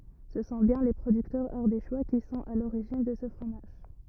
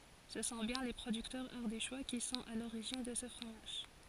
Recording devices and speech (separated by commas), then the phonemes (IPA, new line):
rigid in-ear microphone, forehead accelerometer, read sentence
sə sɔ̃ bjɛ̃ le pʁodyktœʁz aʁdeʃwa ki sɔ̃t a loʁiʒin də sə fʁomaʒ